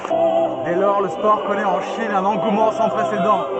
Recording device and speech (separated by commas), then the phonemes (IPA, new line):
soft in-ear microphone, read sentence
dɛ lɔʁ lə spɔʁ kɔnɛt ɑ̃ ʃin œ̃n ɑ̃ɡumɑ̃ sɑ̃ pʁesedɑ̃